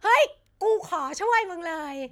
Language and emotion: Thai, happy